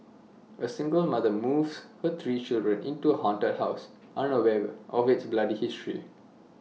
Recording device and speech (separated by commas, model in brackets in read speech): mobile phone (iPhone 6), read sentence